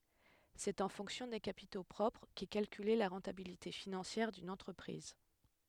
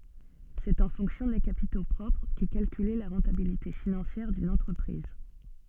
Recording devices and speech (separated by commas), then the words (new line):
headset microphone, soft in-ear microphone, read sentence
C'est en fonction des capitaux propres qu'est calculée la rentabilité financière d'une entreprise.